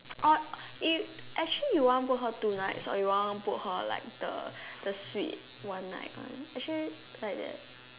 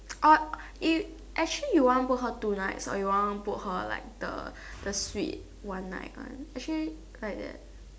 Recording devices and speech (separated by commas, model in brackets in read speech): telephone, standing microphone, conversation in separate rooms